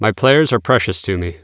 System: none